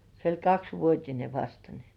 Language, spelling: Finnish, se oli kaksivuotinen vasta niin
- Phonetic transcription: se oĺ "kaksvuot́ine 'vasta ni .

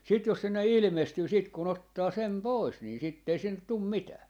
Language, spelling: Finnish, sitten jos sinne ilmestyy sitten kun ottaa sen pois niin sitten ei sinne tule mitään
- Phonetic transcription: sit jos 'sinne "ilⁱmestyy siit ku'n ‿ottaa 'sem "pois nii sitt ‿ei 'sinnet̆ 'tum "mitää .

